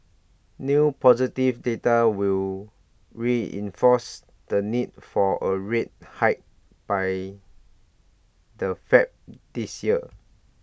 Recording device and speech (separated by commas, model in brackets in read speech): boundary microphone (BM630), read sentence